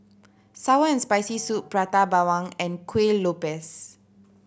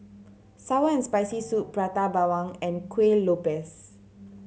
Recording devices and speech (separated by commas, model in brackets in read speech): boundary microphone (BM630), mobile phone (Samsung C7100), read sentence